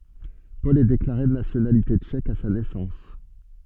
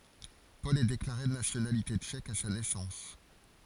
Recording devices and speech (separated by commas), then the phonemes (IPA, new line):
soft in-ear microphone, forehead accelerometer, read sentence
pɔl ɛ deklaʁe də nasjonalite tʃɛk a sa nɛsɑ̃s